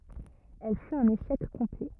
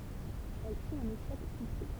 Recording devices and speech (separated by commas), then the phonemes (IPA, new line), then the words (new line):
rigid in-ear microphone, temple vibration pickup, read sentence
ɛl fyt œ̃n eʃɛk kɔ̃plɛ
Elle fut un échec complet.